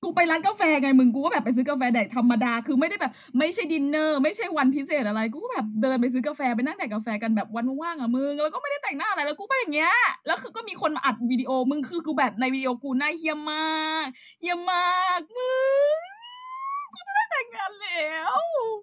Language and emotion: Thai, happy